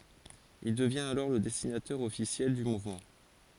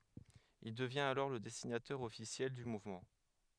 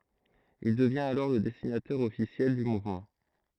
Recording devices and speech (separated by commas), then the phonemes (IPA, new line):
forehead accelerometer, headset microphone, throat microphone, read sentence
il dəvjɛ̃t alɔʁ lə dɛsinatœʁ ɔfisjɛl dy muvmɑ̃